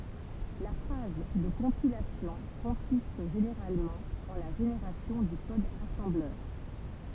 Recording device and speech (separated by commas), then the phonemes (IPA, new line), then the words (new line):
temple vibration pickup, read sentence
la faz də kɔ̃pilasjɔ̃ kɔ̃sist ʒeneʁalmɑ̃ ɑ̃ la ʒeneʁasjɔ̃ dy kɔd asɑ̃blœʁ
La phase de compilation consiste généralement en la génération du code assembleur.